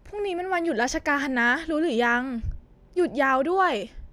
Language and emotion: Thai, frustrated